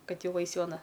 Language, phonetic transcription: Lithuanian, ˈkad ˈjau ˈais ˈjau aˈna

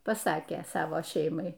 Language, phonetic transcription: Lithuanian, paˈsakė ˈsavo ˈšeimai

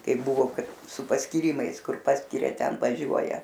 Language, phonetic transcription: Lithuanian, ˈkaip buˈvo ˈkad su paskyrˈimais ˈkur ˈpaskiria ˈten vaˈžiuoja

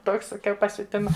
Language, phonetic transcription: Lithuanian, ˈtoks saˈkiau pasiuˈtima

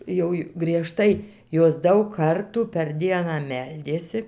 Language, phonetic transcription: Lithuanian, ˈjau ju grieˈžtai ˈjos ˈdaug ˈkartų per ˈdieną ˈmeldėsi

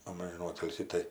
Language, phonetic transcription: Lithuanian, ˈamžiˈnų ˈotilsį ˈtai

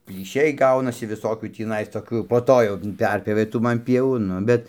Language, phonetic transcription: Lithuanian, plyˈšiai ˈgaunasi viˈsokių tįˈnais ˈtokių jau po ˈto jau ˈperpjovė ˈtų ˈman ˈpievų ˈnu bet

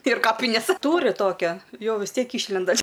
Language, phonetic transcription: Lithuanian, ir ˈkapinės ˈtūri ˈtokia ˈjau vis ˈtiek ˈyšlenda

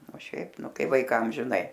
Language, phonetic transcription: Lithuanian, o ˈšiaip ˈnu ˈkai vaiˈkam žiˈnai

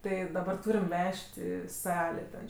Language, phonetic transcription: Lithuanian, ˈtɜ daˈbar ˈtūriam ˈvež't' i ˈsalė ten

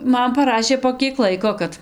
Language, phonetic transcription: Lithuanian, ˈman paˈrašė po ˈkiek ˈlaiko ˈkad

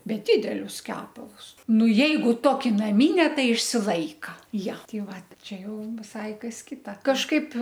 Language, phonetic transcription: Lithuanian, ˈbet ˈdidelius ˈkepalus ˈnu ˈjeigu ˈtoki naˈmine ˈtai išsiˈlaika ˈja ˈti ˈvat ˈčia ˈjau viˈsai ˈkas ˈkita kažˈkaip

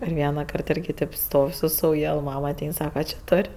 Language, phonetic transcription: Lithuanian, ir ˈvienaˌkart ˈirgi tėp ˈstov' su sauˈjal ˈmam aˈtein ˈsaka či ˈtor'

